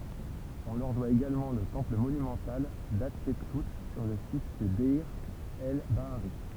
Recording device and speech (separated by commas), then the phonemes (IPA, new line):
temple vibration pickup, read sentence
ɔ̃ lœʁ dwa eɡalmɑ̃ lə tɑ̃pl monymɑ̃tal datʃɛpsu syʁ lə sit də dɛʁ ɛl baaʁi